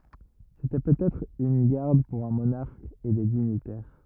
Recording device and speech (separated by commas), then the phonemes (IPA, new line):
rigid in-ear microphone, read sentence
setɛ pøtɛtʁ yn ɡaʁd puʁ œ̃ monaʁk e de diɲitɛʁ